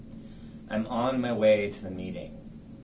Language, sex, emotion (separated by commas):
English, male, neutral